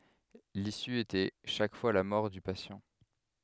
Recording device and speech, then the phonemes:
headset microphone, read sentence
lisy etɛ ʃak fwa la mɔʁ dy pasjɑ̃

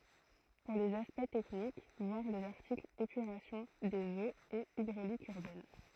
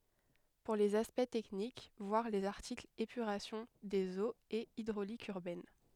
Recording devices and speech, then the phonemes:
throat microphone, headset microphone, read sentence
puʁ lez aspɛkt tɛknik vwaʁ lez aʁtiklz epyʁasjɔ̃ dez oz e idʁolik yʁbɛn

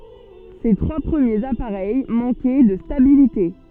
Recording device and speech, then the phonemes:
soft in-ear microphone, read sentence
se tʁwa pʁəmjez apaʁɛj mɑ̃kɛ də stabilite

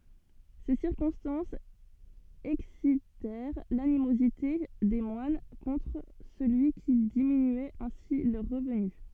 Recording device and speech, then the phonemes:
soft in-ear microphone, read sentence
se siʁkɔ̃stɑ̃sz ɛksitɛʁ lanimozite de mwan kɔ̃tʁ səlyi ki diminyɛt ɛ̃si lœʁ ʁəvny

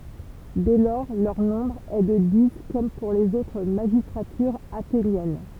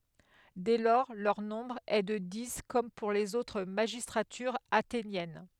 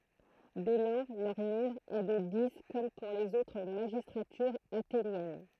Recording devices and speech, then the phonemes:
temple vibration pickup, headset microphone, throat microphone, read sentence
dɛ lɔʁ lœʁ nɔ̃bʁ ɛ də di kɔm puʁ lez otʁ maʒistʁatyʁz atenjɛn

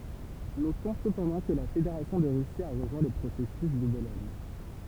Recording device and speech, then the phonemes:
temple vibration pickup, read sentence
notɔ̃ səpɑ̃dɑ̃ kə la fedeʁasjɔ̃ də ʁysi a ʁəʒwɛ̃ lə pʁosɛsys də bolɔɲ

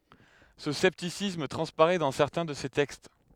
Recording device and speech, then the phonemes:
headset microphone, read sentence
sə sɛptisism tʁɑ̃spaʁɛ dɑ̃ sɛʁtɛ̃ də se tɛkst

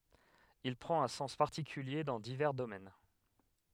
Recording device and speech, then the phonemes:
headset microphone, read sentence
il pʁɑ̃t œ̃ sɑ̃s paʁtikylje dɑ̃ divɛʁ domɛn

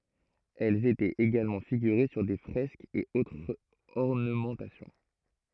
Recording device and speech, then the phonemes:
throat microphone, read sentence
ɛlz etɛt eɡalmɑ̃ fiɡyʁe syʁ de fʁɛskz e otʁz ɔʁnəmɑ̃tasjɔ̃

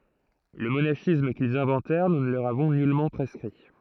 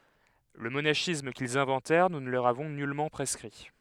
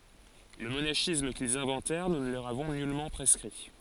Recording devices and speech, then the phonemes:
throat microphone, headset microphone, forehead accelerometer, read sentence
lə monaʃism kilz ɛ̃vɑ̃tɛʁ nu nə lə løʁ avɔ̃ nylmɑ̃ pʁɛskʁi

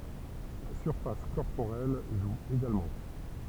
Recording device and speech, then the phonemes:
temple vibration pickup, read sentence
la syʁfas kɔʁpoʁɛl ʒu eɡalmɑ̃

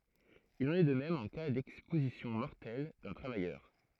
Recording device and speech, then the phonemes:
throat microphone, read sentence
il ɑ̃n ɛ də mɛm ɑ̃ ka dɛkspozisjɔ̃ mɔʁtɛl dœ̃ tʁavajœʁ

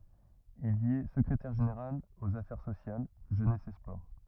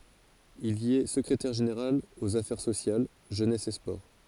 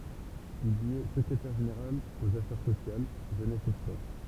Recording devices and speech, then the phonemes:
rigid in-ear microphone, forehead accelerometer, temple vibration pickup, read sentence
il i ɛ səkʁetɛʁ ʒeneʁal oz afɛʁ sosjal ʒønɛs e spɔʁ

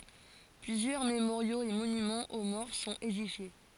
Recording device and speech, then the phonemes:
forehead accelerometer, read sentence
plyzjœʁ memoʁjoz e monymɑ̃z o mɔʁ sɔ̃t edifje

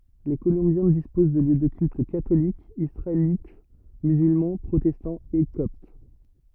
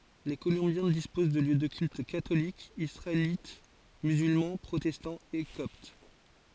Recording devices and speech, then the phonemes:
rigid in-ear microphone, forehead accelerometer, read sentence
le kolɔ̃bjɛ̃ dispoz də ljø də kylt katolik isʁaelit myzylmɑ̃ pʁotɛstɑ̃ e kɔpt

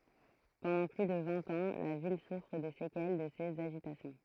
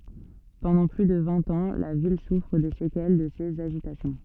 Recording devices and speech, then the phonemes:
throat microphone, soft in-ear microphone, read sentence
pɑ̃dɑ̃ ply də vɛ̃t ɑ̃ la vil sufʁ de sekɛl də sez aʒitasjɔ̃

